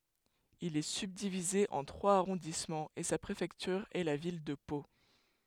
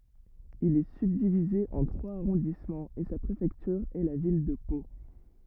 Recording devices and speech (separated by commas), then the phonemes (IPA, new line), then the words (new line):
headset microphone, rigid in-ear microphone, read sentence
il ɛ sybdivize ɑ̃ tʁwaz aʁɔ̃dismɑ̃z e sa pʁefɛktyʁ ɛ la vil də po
Il est subdivisé en trois arrondissements et sa préfecture est la ville de Pau.